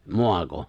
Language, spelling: Finnish, maako
- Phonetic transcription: 'mo̭ako ?

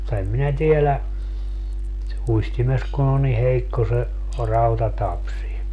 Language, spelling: Finnish, mutta en minä tiedä uistimessa kun on niin heikko se rautatapsi
- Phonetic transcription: (mut)ta 'em minä 'tielä , 'uistimes kun ‿o ni 'heikko se , 'rauta'tapsi .

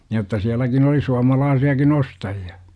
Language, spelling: Finnish, jotta sielläkin oli suomalaisiakin ostajia
- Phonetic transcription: jotta 'siäläkin oli 'suamalaasi₍akin " ostaji₍a .

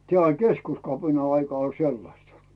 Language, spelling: Finnish, tämä oli keskuskapinan aika oli sellaista
- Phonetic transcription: 'tᵉä̀ oĺ "keskuskapina aika oĺ 'sellasta .

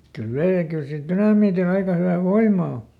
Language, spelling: Finnish, kyllä vei ja kyllä sillä dynamiitilla aika hyvä voima on
- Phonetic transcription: kyl ˈvei ja ˈkyl sil "tynamiitiˈl ‿aika ˈhyvä "voim̆ma o .

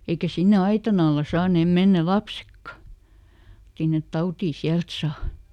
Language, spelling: Finnish, eikä sinne aitan alla saaneet mennä lapsetkaan sinne tautia sieltä saa
- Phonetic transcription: ˈeikä ˈsinne "aitan ‿alla ˈsaanèm ˈmennä "lapsekka , sinnet » "tautii ˈsiält saa ! »

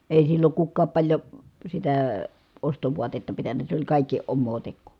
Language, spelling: Finnish, ei silloin kukaan paljon sitä ostovaatetta pitänyt se oli kaikki omaa tekoa
- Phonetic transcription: èi silloŋ kukkaap paĺjo , sitää , ostovuatetta pitän̆nä , se oĺ kàikki , ommoo tekkù .

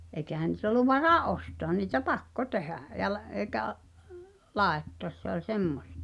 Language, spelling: Finnish, eikä niitä ollut varaa ostaa niin että pakko tehdä ja - eikä laittaa se oli semmoista
- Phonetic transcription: eĭkähän̆ ni̳t ‿ol̆lu 'varà "’ostoa nii [et]tä "pakko 'tehä̀ , ja l- , èi̬kä’ , "làettoăs se ‿oĺ 'semmostᴀ .

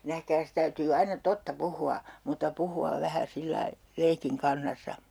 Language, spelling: Finnish, nähkääs täytyy aina totta puhua mutta puhua vähän sillä lailla leikin kannassa
- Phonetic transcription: 'nähkääs 'täytyy 'aina "totta 'puhu₍a , mutta 'puhu₍av 'vähä 'sillai , 'leikiŋ 'kannassa .

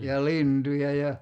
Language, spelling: Finnish, ja lintuja ja
- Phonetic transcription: ja "lintuja ja ,.

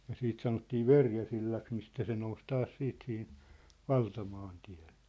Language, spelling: Finnish, ja sitten sanottiin Verjäsillaksi mistä se nousi taas sitten siihen valtamaantielle
- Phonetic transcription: ja 'siit 'sanottii "Verjäsillaks mistä se nous 'taas 'siit sihin̬ , "valtamaantɪᴀ̭̈(ʟʟᴇ) .

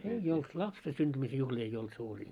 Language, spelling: Finnish, ei ollut lapsen syntymisen juhlia ei ollut suuria
- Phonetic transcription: 'ei olt , 'lapse synᴅymisᵉ juhĺii ei 'olt 'suurii .

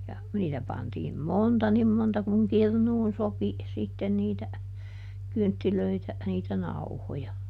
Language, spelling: Finnish, ja niitä pantiin monta niin monta kuin kirnuun sopi sitten niitä kynttilöitä niitä nauhoja
- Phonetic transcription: ja , ˈniitä pantiim "monta ˈnim monta kuŋ ˈkirnuun ˈsopi , ˈsitten niitä , ˈkynttilöitä , niitä "nauhoja .

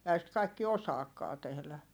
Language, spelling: Finnish, eihän sitä kaikki osaakaan tehdä
- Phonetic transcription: ehä sit kaikki osaakkaa tehlä .

